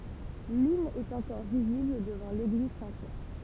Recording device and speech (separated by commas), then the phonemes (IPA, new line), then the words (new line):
temple vibration pickup, read sentence
lyn ɛt ɑ̃kɔʁ vizibl dəvɑ̃ leɡliz sɛ̃tpjɛʁ
L'une est encore visible devant l'église Saint-Pierre.